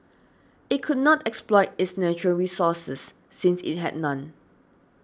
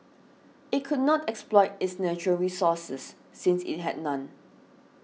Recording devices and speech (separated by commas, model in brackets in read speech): standing microphone (AKG C214), mobile phone (iPhone 6), read sentence